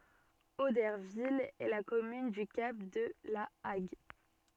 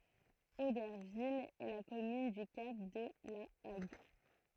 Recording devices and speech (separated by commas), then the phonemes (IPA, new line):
soft in-ear microphone, throat microphone, read sentence
odɛʁvil ɛ la kɔmyn dy kap də la aɡ